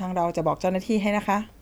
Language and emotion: Thai, neutral